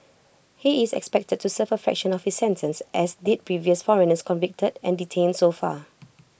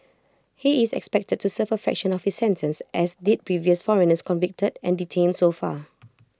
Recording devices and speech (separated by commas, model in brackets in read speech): boundary microphone (BM630), close-talking microphone (WH20), read sentence